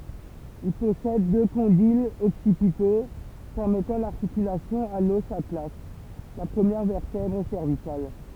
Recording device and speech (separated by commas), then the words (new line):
temple vibration pickup, read sentence
Il possède deux condyles occipitaux permettant l’articulation à l'os atlas, la première vertèbre cervicale.